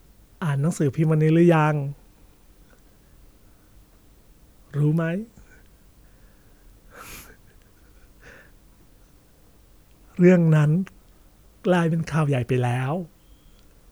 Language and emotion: Thai, sad